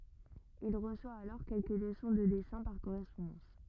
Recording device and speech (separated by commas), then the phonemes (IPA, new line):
rigid in-ear microphone, read sentence
il ʁəswa alɔʁ kɛlkə ləsɔ̃ də dɛsɛ̃ paʁ koʁɛspɔ̃dɑ̃s